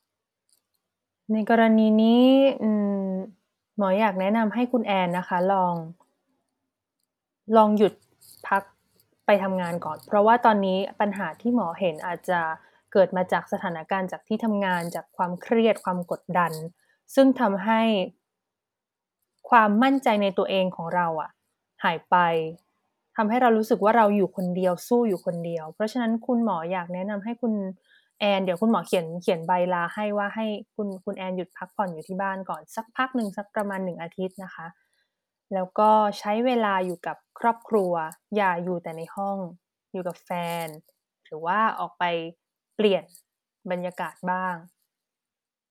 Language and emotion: Thai, neutral